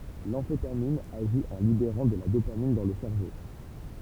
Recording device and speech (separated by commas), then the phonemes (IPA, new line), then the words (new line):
temple vibration pickup, read sentence
lɑ̃fetamin aʒi ɑ̃ libeʁɑ̃ də la dopamin dɑ̃ lə sɛʁvo
L'amphétamine agit en libérant de la dopamine dans le cerveau.